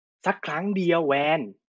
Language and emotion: Thai, angry